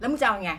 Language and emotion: Thai, angry